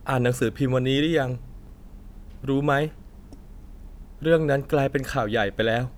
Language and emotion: Thai, sad